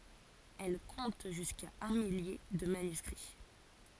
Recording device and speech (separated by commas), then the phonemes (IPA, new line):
forehead accelerometer, read sentence
ɛl kɔ̃t ʒyska œ̃ milje də manyskʁi